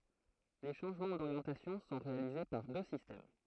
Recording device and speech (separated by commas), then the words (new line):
throat microphone, read sentence
Les changements d'orientation sont réalisés par deux systèmes.